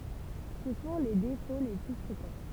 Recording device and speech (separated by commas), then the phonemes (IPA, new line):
temple vibration pickup, read sentence
sə sɔ̃ le defo le ply fʁekɑ̃